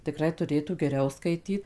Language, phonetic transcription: Lithuanian, tiˈkrai tuˈrėtų geˈriau skaiˈtyt

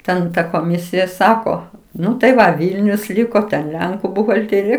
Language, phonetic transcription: Lithuanian, ˈten ˈta koˈmisija ˈsako ˈnu tai ˈva ˈvylnius ˈliko ten ˈlenku buhalˈtėrija

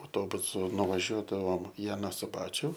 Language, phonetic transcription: Lithuanian, auˈtobusu nuvaˈžiuodavom i aˈną suˈbačiu

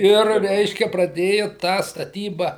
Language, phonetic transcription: Lithuanian, ˈir ˈreiškia praˈdėju tą staˈtyba

